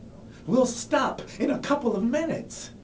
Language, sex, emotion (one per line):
English
male
angry